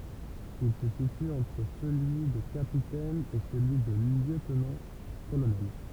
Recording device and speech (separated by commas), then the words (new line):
temple vibration pickup, read sentence
Il se situe entre celui de capitaine et celui de lieutenant-colonel.